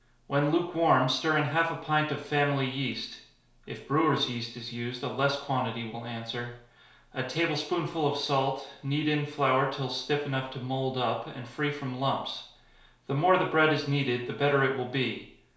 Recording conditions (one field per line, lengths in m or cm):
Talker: one person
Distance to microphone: 1.0 m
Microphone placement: close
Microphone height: 1.1 m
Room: small (3.7 m by 2.7 m)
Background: none